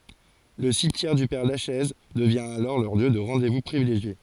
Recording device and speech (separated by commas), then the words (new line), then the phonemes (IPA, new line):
forehead accelerometer, read sentence
Le cimetière du père Lachaise devient alors leur lieu de rendez-vous privilégié.
lə simtjɛʁ dy pɛʁ laʃɛz dəvjɛ̃ alɔʁ lœʁ ljø də ʁɑ̃de vu pʁivileʒje